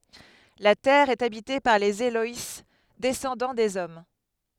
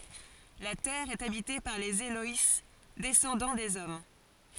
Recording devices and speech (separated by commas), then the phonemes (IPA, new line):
headset microphone, forehead accelerometer, read sentence
la tɛʁ ɛt abite paʁ lez elɔj dɛsɑ̃dɑ̃ dez ɔm